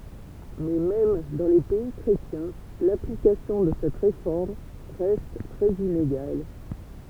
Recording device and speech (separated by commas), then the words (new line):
temple vibration pickup, read sentence
Mais même dans les pays chrétiens, l'application de cette réforme reste très inégale.